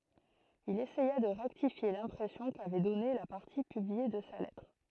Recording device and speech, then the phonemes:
throat microphone, read sentence
il esɛja də ʁɛktifje lɛ̃pʁɛsjɔ̃ kavɛ dɔne la paʁti pyblie də sa lɛtʁ

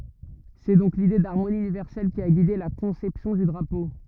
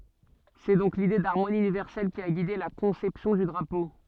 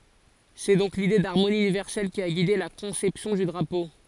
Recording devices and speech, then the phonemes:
rigid in-ear microphone, soft in-ear microphone, forehead accelerometer, read sentence
sɛ dɔ̃k lide daʁmoni ynivɛʁsɛl ki a ɡide la kɔ̃sɛpsjɔ̃ dy dʁapo

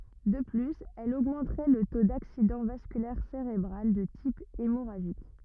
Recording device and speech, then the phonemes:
rigid in-ear microphone, read sentence
də plyz ɛl oɡmɑ̃tʁɛ lə to daksidɑ̃ vaskylɛʁ seʁebʁal də tip emoʁaʒik

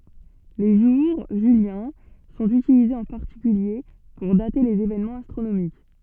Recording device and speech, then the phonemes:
soft in-ear microphone, read sentence
le ʒuʁ ʒyljɛ̃ sɔ̃t ytilizez ɑ̃ paʁtikylje puʁ date lez evenmɑ̃z astʁonomik

